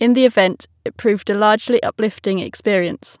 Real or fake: real